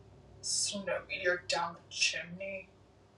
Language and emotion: English, disgusted